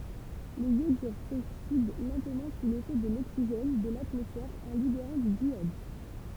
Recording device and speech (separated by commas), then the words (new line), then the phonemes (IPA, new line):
temple vibration pickup, read sentence
Les iodures s'oxydent lentement sous l'effet de l'oxygène de l'atmosphère en libérant du diiode.
lez jodyʁ soksid lɑ̃tmɑ̃ su lefɛ də loksiʒɛn də latmɔsfɛʁ ɑ̃ libeʁɑ̃ dy djjɔd